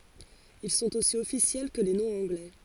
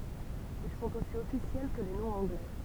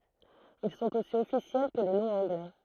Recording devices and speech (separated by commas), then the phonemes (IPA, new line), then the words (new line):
forehead accelerometer, temple vibration pickup, throat microphone, read sentence
il sɔ̃t osi ɔfisjɛl kə le nɔ̃z ɑ̃ɡlɛ
Ils sont aussi officiels que les noms anglais.